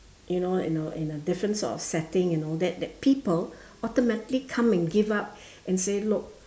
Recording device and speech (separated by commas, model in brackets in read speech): standing microphone, conversation in separate rooms